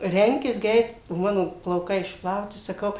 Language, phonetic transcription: Lithuanian, ˈrenkis ˈgreit o ˈmano plauˈkai išpˈlauti saˈkau

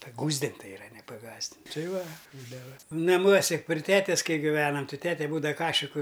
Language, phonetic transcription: Lithuanian, paˈgųsdint' tai iˈra ne paˈgąsdin' ˈtai ˈva ˈbūdava naˈmuose pri ˈtetes ˈkai giˈvenam ˈti tete ˈbūdava ˈkašiku

